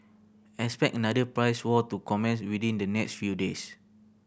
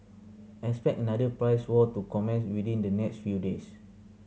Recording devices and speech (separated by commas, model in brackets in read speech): boundary microphone (BM630), mobile phone (Samsung C7100), read sentence